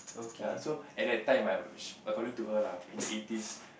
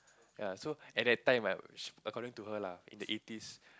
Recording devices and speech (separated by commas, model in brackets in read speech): boundary microphone, close-talking microphone, conversation in the same room